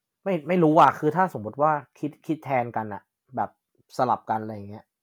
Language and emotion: Thai, neutral